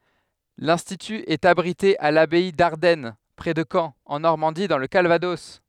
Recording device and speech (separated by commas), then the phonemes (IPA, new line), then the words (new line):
headset microphone, read sentence
lɛ̃stity ɛt abʁite a labɛi daʁdɛn pʁɛ də kɑ̃ ɑ̃ nɔʁmɑ̃di dɑ̃ lə kalvadɔs
L'institut est abrité à l'abbaye d'Ardenne, près de Caen, en Normandie dans le Calvados.